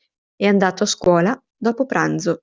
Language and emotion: Italian, neutral